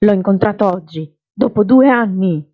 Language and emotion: Italian, angry